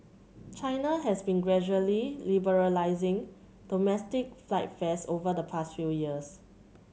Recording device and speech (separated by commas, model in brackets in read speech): mobile phone (Samsung C7100), read sentence